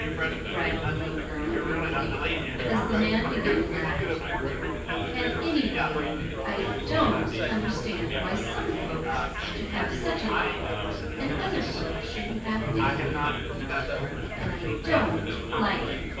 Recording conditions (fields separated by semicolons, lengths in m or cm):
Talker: one person; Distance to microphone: 9.8 m; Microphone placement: far; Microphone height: 1.8 m; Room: large; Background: babble